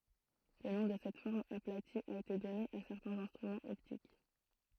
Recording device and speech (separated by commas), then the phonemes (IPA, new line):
throat microphone, read sentence
lə nɔ̃ də sɛt fɔʁm aplati a ete dɔne a sɛʁtɛ̃z ɛ̃stʁymɑ̃z ɔptik